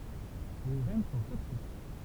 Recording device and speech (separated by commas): temple vibration pickup, read sentence